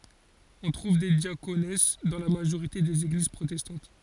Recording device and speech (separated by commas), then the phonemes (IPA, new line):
forehead accelerometer, read sentence
ɔ̃ tʁuv de djakons dɑ̃ la maʒoʁite dez eɡliz pʁotɛstɑ̃t